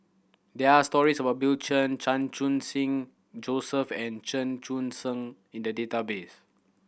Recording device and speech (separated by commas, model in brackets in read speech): boundary microphone (BM630), read sentence